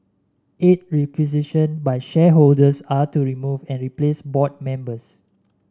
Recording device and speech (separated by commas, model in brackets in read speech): standing microphone (AKG C214), read sentence